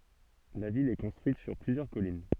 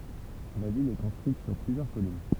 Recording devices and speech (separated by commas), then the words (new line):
soft in-ear microphone, temple vibration pickup, read sentence
La ville est construite sur plusieurs collines.